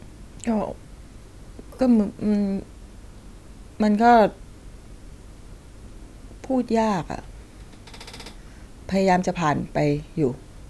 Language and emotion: Thai, sad